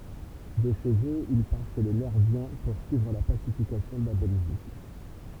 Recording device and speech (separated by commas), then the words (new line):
temple vibration pickup, read sentence
De chez eux il part chez les Nerviens poursuivre la pacification de la Belgique.